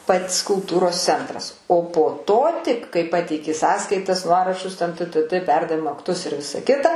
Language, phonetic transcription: Lithuanian, ˈpat's kulˈtūros ˈcentras o po ˈto tik kai ˈpateiki ˈsąskaitas ˈnuorašus ten tɘ tɘ tɘ ˈperdavimo akˈtus ir ˈvisa ˈkita

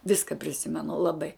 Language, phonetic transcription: Lithuanian, ˈviska priˈsimenu laˈbai

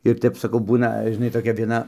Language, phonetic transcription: Lithuanian, ir ˈtep saˈkau ˈbūna žiˈnai toˈkia vieˈna

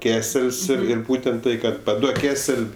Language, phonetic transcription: Lithuanian, ˈkesel's' ir ˈir ˈbūtent ˈtai kad paˈduok ˈkesel'

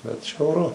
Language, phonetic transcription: Lithuanian, bet žiauˈru

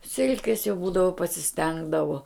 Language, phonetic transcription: Lithuanian, ˈsilkės jau ˈbūdavo pasiˈstengdavo

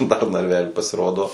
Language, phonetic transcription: Lithuanian, dar narˈvely pasiˈrodo

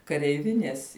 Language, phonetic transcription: Lithuanian, kareiˈvinės

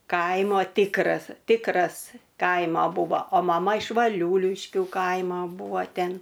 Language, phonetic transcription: Lithuanian, ˈkaimo ˈtikras ˈtikras ˈkaima ˈbuvo o maˈma iš vaˈliūliškių ˈkaimo ˈbuvo ˈten

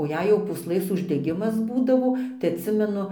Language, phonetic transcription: Lithuanian, o ˈjei jau pūsˈlɘs uždeˈgimas ˈbūdavo tai atˈsimenu

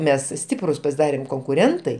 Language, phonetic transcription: Lithuanian, ˈmes ˈstiprus pasiˈdarėm konkuˈrentai

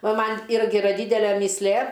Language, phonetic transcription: Lithuanian, ˈva ˈman' ˈirgi iˈra ˈdydele mįsˈlė

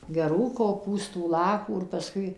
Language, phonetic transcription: Lithuanian, geˈrų koˈpūstų ˈlapų ir paˈskui

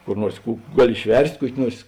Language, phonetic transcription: Lithuanian, kur ˈnuors ˈkų ˈgaˌli išˈverst' ˈkuoki ˈnuors

